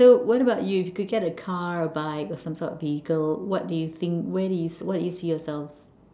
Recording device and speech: standing microphone, conversation in separate rooms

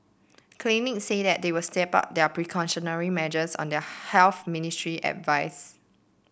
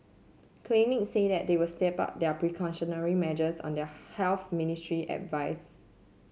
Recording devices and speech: boundary microphone (BM630), mobile phone (Samsung C7), read sentence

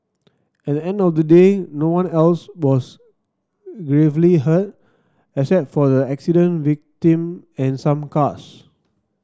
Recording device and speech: standing microphone (AKG C214), read sentence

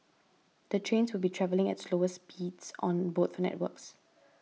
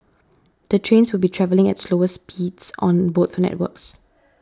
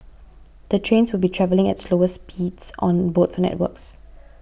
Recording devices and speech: mobile phone (iPhone 6), standing microphone (AKG C214), boundary microphone (BM630), read sentence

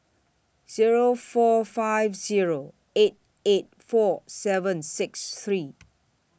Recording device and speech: boundary microphone (BM630), read sentence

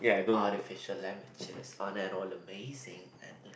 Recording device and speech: boundary microphone, conversation in the same room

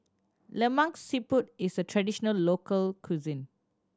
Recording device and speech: standing microphone (AKG C214), read sentence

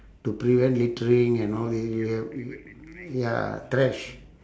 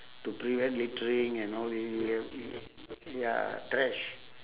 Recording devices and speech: standing microphone, telephone, conversation in separate rooms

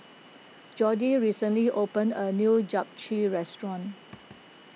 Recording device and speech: mobile phone (iPhone 6), read sentence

